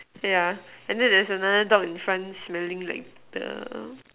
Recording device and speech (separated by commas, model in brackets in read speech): telephone, conversation in separate rooms